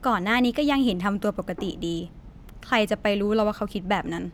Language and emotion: Thai, frustrated